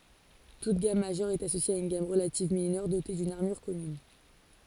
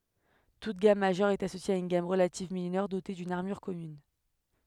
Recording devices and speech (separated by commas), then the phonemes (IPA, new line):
forehead accelerometer, headset microphone, read sentence
tut ɡam maʒœʁ ɛt asosje a yn ɡam ʁəlativ minœʁ dote dyn aʁmyʁ kɔmyn